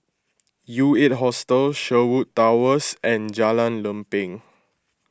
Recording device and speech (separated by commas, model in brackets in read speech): close-talking microphone (WH20), read sentence